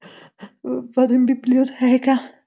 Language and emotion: Italian, fearful